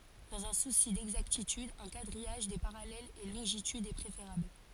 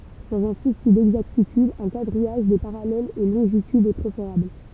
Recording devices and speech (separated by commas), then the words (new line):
forehead accelerometer, temple vibration pickup, read sentence
Dans un souci d'exactitude, un quadrillage des parallèles et longitudes est préférable.